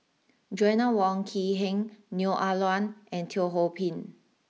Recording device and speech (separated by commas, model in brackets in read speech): mobile phone (iPhone 6), read sentence